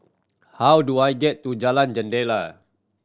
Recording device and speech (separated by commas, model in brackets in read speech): standing microphone (AKG C214), read sentence